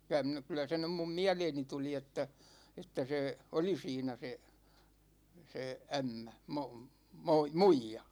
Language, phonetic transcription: Finnish, 'ky₍ä (min ‿o) , kylä se 'nym mum "miäleeni 'tuli että , että 'sè , "oli 'siinä 'se , 'se "ämmä , 'mom- , 'moi- , "muija .
- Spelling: kyllä minä olen kyllä se nyt minun mieleeni tuli että että se oli siinä se se ämmä - - muija

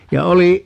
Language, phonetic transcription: Finnish, ja 'oli ,.
- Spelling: ja oli

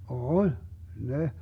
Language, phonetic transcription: Finnish, oĺ , 'ne .
- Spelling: oli ne

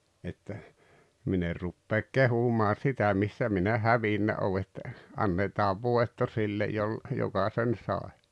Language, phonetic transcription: Finnish, että , 'min ‿er ruppeek "kehumaa 'sitä missä minä "hävinnä oo että , 'annetaav "vòetto 'sillej jol- , 'joka sen "sàe .
- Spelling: että minä en rupea kehumaan sitä missä minä hävinnyt olen että annetaan voitto sille - joka sen sai

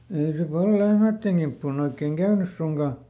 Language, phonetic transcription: Finnish, ei se ˈpal "lehmä̀tteŋ ˈGimppuun ‿oik̆keŋ ˈkäynys ˈsuŋkà .
- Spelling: ei se paljon lehmien kimppuun oikein käynyt suinkaan

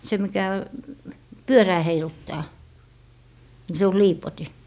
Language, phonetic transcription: Finnish, 'se mikä , "pyörää 'heiluttaa , ni se o "liipoti .
- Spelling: se mikä pyörää heiluttaa niin se on liipotin

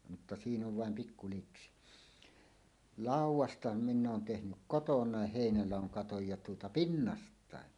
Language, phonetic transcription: Finnish, mutta "siin ‿ov vàem 'pikku liksi , "làuw̆wasta 'minn ‿oon 'tehnyk "kotoǹàeh 'hèinälàoŋ 'katoj ja tuota "pinnast̀àe .
- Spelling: mutta siinä on vain pikku niksi laudasta minä olen tehnyt kotona heinäladon katon ja tuota pinnastakin

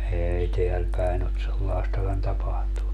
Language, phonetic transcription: Finnish, 'eei 'teäl päin ‿ot 'sellaestakan 'tapahtunnu .
- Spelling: ei täällä päin ole sellaistakaan tapahtunut

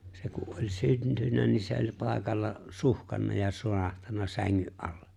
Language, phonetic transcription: Finnish, 'se ku ’oĺ 'syntynnä nin̬ se oĺ 'pàekalla , 'suhkanna ja 'surahtanna 'säŋŋy’ ’allᴇ .
- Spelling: se kun oli syntynyt niin se oli paikalla suhkannut ja surahtanut sängyn alle

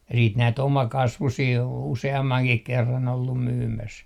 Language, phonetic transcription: Finnish, ja siit 'näit "omakasvusii oon 'use₍ammaŋkih 'kerran ‿ollum "myymäs .
- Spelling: ja sitten näitä omakasvuisia olen useammankin kerran ollut myymässä

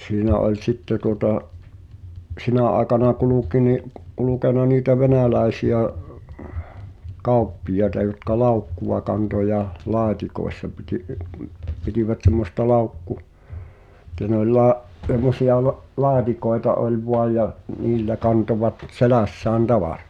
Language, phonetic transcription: Finnish, ni’ , 'siinä oĺ "sitte tuota , '’sinä àekana 'kuluki ni’ , 'kulukena niitä 'venä̀läi̬si₍ä , "kàu̬ppijaeta jotka "laukkuva kanto ja , "la̳a̳tikoessa piti- , (’i- m-) 'pitivät sem̆mosta 'laukku- , [et]t(ä) ne ‿oĺ laa’- , ’semmosi₍a va’- 'laatikoeta oĺ 'voaj ja , 'niillä kantovat , "selä̀ssään 'tavàrᴀtᴀ .
- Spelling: niin siinä oli sitten tuota sinä aikana kulki niin kulkenut niitä venäläisiä kauppiaita jotka laukkua kantoi ja laatikoissa - - - pitivät semmoista - että ne oli - semmoisia - laatikoita oli vain ja niillä kantoivat selässään tavaraa

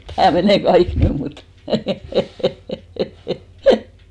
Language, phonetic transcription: Finnish, 'tää 'menè "kaik 'nym mut ,.
- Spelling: tämä menee kaikki nyt mutta

